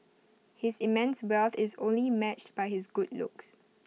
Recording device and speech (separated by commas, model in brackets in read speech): mobile phone (iPhone 6), read sentence